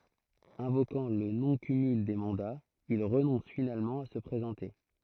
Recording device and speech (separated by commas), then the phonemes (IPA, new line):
throat microphone, read sentence
ɛ̃vokɑ̃ lə nɔ̃ kymyl de mɑ̃daz il ʁənɔ̃s finalmɑ̃ a sə pʁezɑ̃te